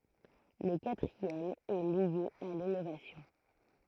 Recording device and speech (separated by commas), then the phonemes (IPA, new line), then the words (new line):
throat microphone, read sentence
lə katʁiɛm ɛ lje a linovasjɔ̃
Le quatrième est lié à l’innovation.